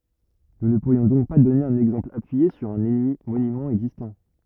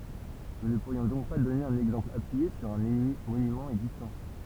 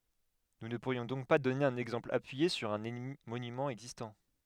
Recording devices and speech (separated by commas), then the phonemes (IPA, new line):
rigid in-ear microphone, temple vibration pickup, headset microphone, read sentence
nu nə puʁjɔ̃ dɔ̃k dɔne œ̃n ɛɡzɑ̃pl apyije syʁ œ̃ monymɑ̃ ɛɡzistɑ̃